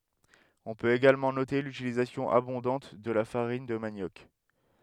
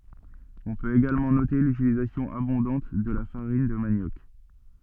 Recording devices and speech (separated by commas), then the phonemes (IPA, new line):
headset microphone, soft in-ear microphone, read sentence
ɔ̃ pøt eɡalmɑ̃ note lytilizasjɔ̃ abɔ̃dɑ̃t də la faʁin də manjɔk